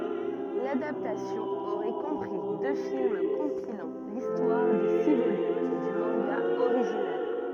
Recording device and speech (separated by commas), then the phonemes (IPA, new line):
rigid in-ear microphone, read sentence
ladaptasjɔ̃ oʁɛ kɔ̃pʁi dø film kɔ̃pilɑ̃ listwaʁ de si volym dy mɑ̃ɡa oʁiʒinal